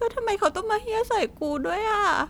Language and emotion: Thai, sad